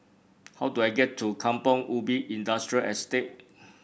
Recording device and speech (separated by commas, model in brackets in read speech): boundary microphone (BM630), read sentence